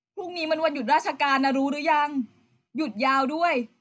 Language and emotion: Thai, neutral